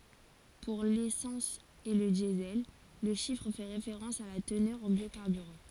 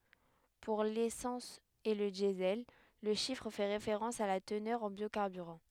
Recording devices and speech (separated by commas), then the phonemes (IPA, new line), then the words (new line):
forehead accelerometer, headset microphone, read sentence
puʁ lesɑ̃s e lə djəzɛl lə ʃifʁ fɛ ʁefeʁɑ̃s a la tənœʁ ɑ̃ bjokaʁbyʁɑ̃
Pour l'essence et le Diesel, le chiffre fait référence à la teneur en biocarburant.